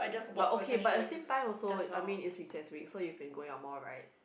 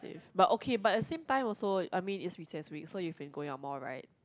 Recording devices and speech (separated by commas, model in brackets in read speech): boundary microphone, close-talking microphone, conversation in the same room